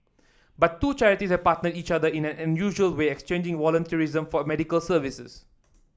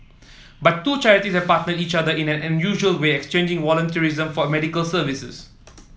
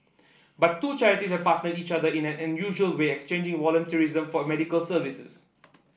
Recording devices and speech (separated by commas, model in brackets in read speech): standing microphone (AKG C214), mobile phone (iPhone 7), boundary microphone (BM630), read sentence